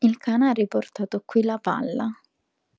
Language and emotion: Italian, neutral